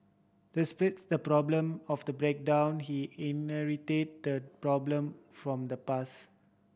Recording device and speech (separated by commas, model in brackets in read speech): boundary microphone (BM630), read sentence